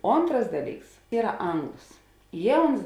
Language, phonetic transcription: Lithuanian, ˈontras ˈdaˌlyks ˈyra ˈanglos ˈjie ˈuns

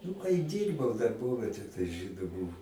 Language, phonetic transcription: Lithuanian, nu kai ˈdyrbau darˈbovetė tai ˈžydu ˈbuvu

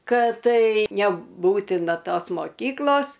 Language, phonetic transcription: Lithuanian, ˈkad ˈtai neˈbūtina ˈtos moˈkyklos

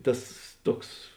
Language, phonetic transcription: Lithuanian, ˈtas ˈtuoks

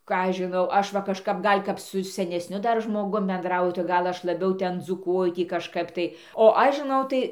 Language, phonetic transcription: Lithuanian, ˈką ˈaš žiˈnau ˈaš va kažˈkap ˈgal' kap su senesˈniu ˈdar žmoˈgum benˈdrauju tai ˈgal ˈaš laˈbiau ˈten dzūˈkuoju ˈtį kažˈkap tai o ˈaš žiˈnau tai

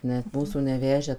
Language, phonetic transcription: Lithuanian, net ˈmūsų neˈvežę

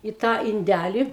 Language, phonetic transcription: Lithuanian, i tą inˈdæli

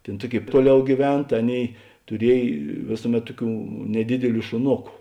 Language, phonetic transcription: Lithuanian, ˈtėn ˈtuoˌkėi ˈtuoˌliau gyˈven ta ˈaˌnėi tuˈriej ˈvėsuˌmet ˈtuˌkių neˈdidiˌlių šuˈnoku

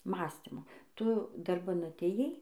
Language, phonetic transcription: Lithuanian, ˈmąstimo ˈtu darˈban atėjˈai

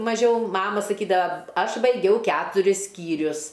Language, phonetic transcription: Lithuanian, maˈžiau ˈmama saˈkydava ˈaš baiˈgiau ˈketuris ˈskyrius

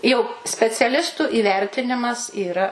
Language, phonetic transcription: Lithuanian, jau speciaˈlistu įˈvertinimas yˈra

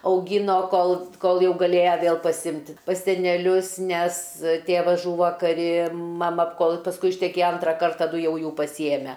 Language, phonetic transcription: Lithuanian, auˈgino ˈkol ˈkol ˈjau gaˈlėja ˈvėl paˈsimti pas seneˈlius nes ˈtėvas ˈžūvo kaˈri maˈma ˈkol pasˈkui išteˈkėja ˈantra ˈkart taˈdu ˈjau ˈjų pasyˈjeme

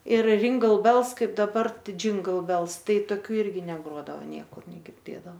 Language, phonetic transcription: Lithuanian, ir ringal bels ˈkaip daˈbar ˈtai džingal bels ˈtai toˈkių ˈirgi neˈgrodavo ˈniekur negirˈdėdav

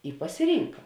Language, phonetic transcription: Lithuanian, i pasiˈrynka

